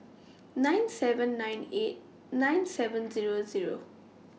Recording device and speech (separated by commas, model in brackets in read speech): mobile phone (iPhone 6), read sentence